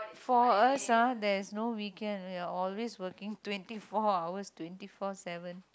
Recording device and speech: close-talking microphone, conversation in the same room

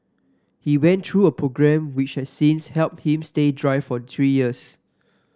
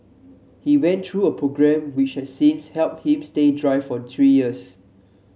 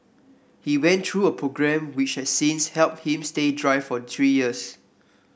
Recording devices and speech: standing microphone (AKG C214), mobile phone (Samsung C7), boundary microphone (BM630), read sentence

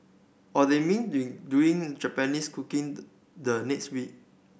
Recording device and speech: boundary microphone (BM630), read sentence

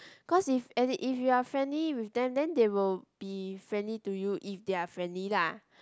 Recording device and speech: close-talking microphone, conversation in the same room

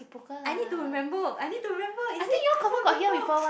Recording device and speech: boundary microphone, conversation in the same room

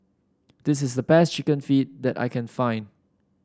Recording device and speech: standing microphone (AKG C214), read sentence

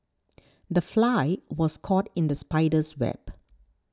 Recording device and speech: standing microphone (AKG C214), read sentence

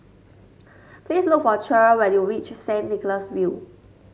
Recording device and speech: mobile phone (Samsung S8), read sentence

